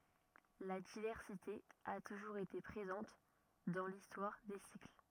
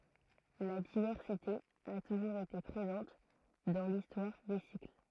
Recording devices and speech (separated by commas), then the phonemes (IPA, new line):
rigid in-ear microphone, throat microphone, read sentence
la divɛʁsite a tuʒuʁz ete pʁezɑ̃t dɑ̃ listwaʁ de sikl